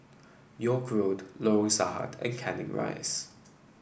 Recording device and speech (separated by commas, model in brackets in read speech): boundary microphone (BM630), read sentence